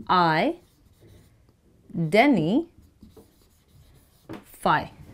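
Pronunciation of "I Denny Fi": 'Identify' is said the American way, with the t not pronounced, so it sounds like 'i-denny-fi'.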